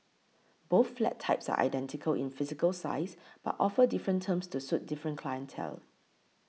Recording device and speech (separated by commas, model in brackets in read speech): mobile phone (iPhone 6), read sentence